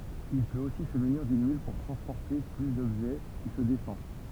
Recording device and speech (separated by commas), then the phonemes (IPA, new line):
temple vibration pickup, read sentence
il pøt osi sə myniʁ dyn myl puʁ tʁɑ̃spɔʁte ply dɔbʒɛ ki sə defɑ̃